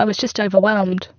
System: VC, spectral filtering